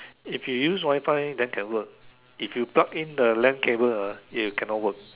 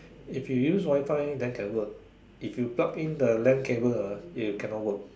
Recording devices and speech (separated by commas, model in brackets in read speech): telephone, standing microphone, conversation in separate rooms